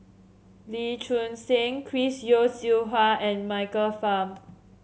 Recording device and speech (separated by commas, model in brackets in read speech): mobile phone (Samsung C7), read sentence